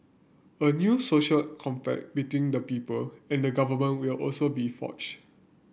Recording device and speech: boundary microphone (BM630), read sentence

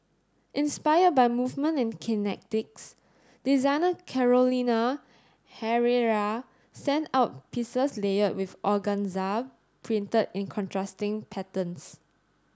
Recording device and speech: standing microphone (AKG C214), read sentence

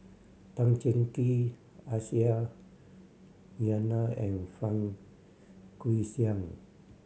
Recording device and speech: mobile phone (Samsung C7100), read sentence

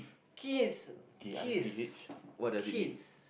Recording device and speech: boundary microphone, conversation in the same room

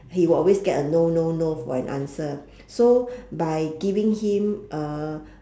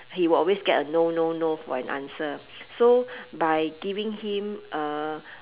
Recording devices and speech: standing microphone, telephone, conversation in separate rooms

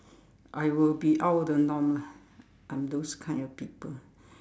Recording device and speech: standing microphone, conversation in separate rooms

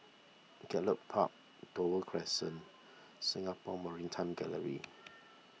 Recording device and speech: mobile phone (iPhone 6), read sentence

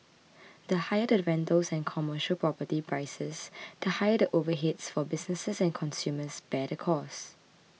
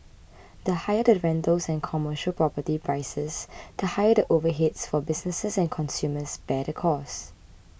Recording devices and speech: mobile phone (iPhone 6), boundary microphone (BM630), read sentence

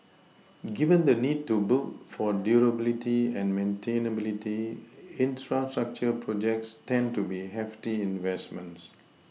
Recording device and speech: mobile phone (iPhone 6), read sentence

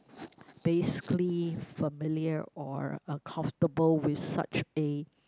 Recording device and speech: close-talking microphone, conversation in the same room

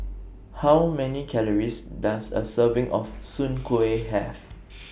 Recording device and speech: boundary microphone (BM630), read sentence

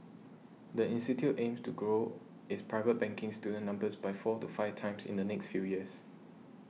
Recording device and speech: mobile phone (iPhone 6), read sentence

